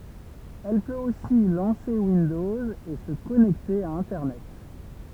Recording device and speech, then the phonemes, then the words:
temple vibration pickup, read sentence
ɛl pøt osi lɑ̃se windɔz e sə kɔnɛkte a ɛ̃tɛʁnɛt
Elle peut aussi lancer Windows et se connecter à internet.

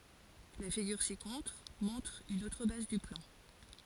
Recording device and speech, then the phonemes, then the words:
forehead accelerometer, read sentence
la fiɡyʁ sikɔ̃tʁ mɔ̃tʁ yn otʁ baz dy plɑ̃
La figure ci-contre montre une autre base du plan.

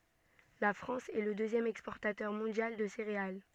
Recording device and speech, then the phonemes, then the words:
soft in-ear microphone, read sentence
la fʁɑ̃s ɛ lə døzjɛm ɛkspɔʁtatœʁ mɔ̃djal də seʁeal
La France est le deuxième exportateur mondial de céréales.

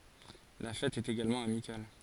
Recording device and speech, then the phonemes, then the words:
forehead accelerometer, read sentence
la fɛt ɛt eɡalmɑ̃ amikal
La fête est également amicale.

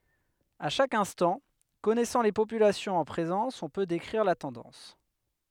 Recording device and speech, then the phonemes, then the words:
headset microphone, read sentence
a ʃak ɛ̃stɑ̃ kɔnɛsɑ̃ le popylasjɔ̃z ɑ̃ pʁezɑ̃s ɔ̃ pø dekʁiʁ la tɑ̃dɑ̃s
À chaque instant, connaissant les populations en présence, on peut décrire la tendance.

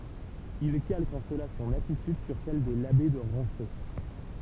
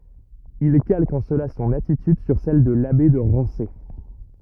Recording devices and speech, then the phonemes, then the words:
temple vibration pickup, rigid in-ear microphone, read sentence
il kalk ɑ̃ səla sɔ̃n atityd syʁ sɛl də labe də ʁɑ̃se
Il calque en cela son attitude sur celle de l'abbé de Rancé.

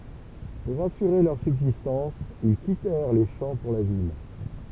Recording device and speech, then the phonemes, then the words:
temple vibration pickup, read sentence
puʁ asyʁe lœʁ sybzistɑ̃s il kitɛʁ le ʃɑ̃ puʁ la vil
Pour assurer leur subsistance, ils quittèrent les champs pour la ville.

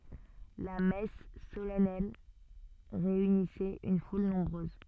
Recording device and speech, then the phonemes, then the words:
soft in-ear microphone, read sentence
la mɛs solɛnɛl ʁeynisɛt yn ful nɔ̃bʁøz
La messe solennelle réunissait une foule nombreuse.

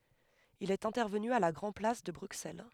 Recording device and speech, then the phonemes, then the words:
headset microphone, read sentence
il ɛt ɛ̃tɛʁvəny a la ɡʁɑ̃ plas də bʁyksɛl
Il est intervenu à la Grand-Place de Bruxelles.

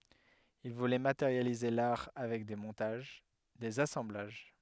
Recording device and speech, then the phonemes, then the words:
headset microphone, read sentence
il vulɛ mateʁjalize laʁ avɛk de mɔ̃taʒ dez asɑ̃blaʒ
Il voulait matérialiser l'art avec des montages, des assemblages.

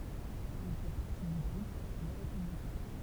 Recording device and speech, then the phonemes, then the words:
temple vibration pickup, read sentence
il fɛ paʁti dy ɡʁup le ʁepyblikɛ̃
Il fait partie du groupe Les Républicains.

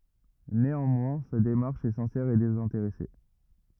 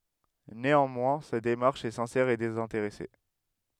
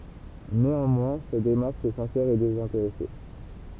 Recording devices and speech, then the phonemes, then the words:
rigid in-ear microphone, headset microphone, temple vibration pickup, read sentence
neɑ̃mwɛ̃ sa demaʁʃ ɛ sɛ̃sɛʁ e dezɛ̃teʁɛse
Néanmoins, sa démarche est sincère et désintéressée.

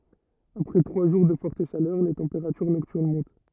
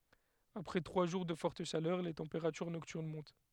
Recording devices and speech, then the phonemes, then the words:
rigid in-ear microphone, headset microphone, read sentence
apʁɛ tʁwa ʒuʁ də fɔʁt ʃalœʁ le tɑ̃peʁatyʁ nɔktyʁn mɔ̃t
Après trois jours de forte chaleur, les températures nocturnes montent.

